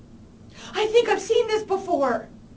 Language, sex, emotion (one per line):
English
female
fearful